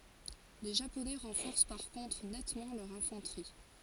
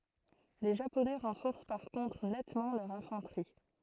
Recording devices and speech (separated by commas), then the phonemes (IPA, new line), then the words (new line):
forehead accelerometer, throat microphone, read sentence
le ʒaponɛ ʁɑ̃fɔʁs paʁ kɔ̃tʁ nɛtmɑ̃ lœʁ ɛ̃fɑ̃tʁi
Les Japonais renforcent par contre nettement leur infanterie.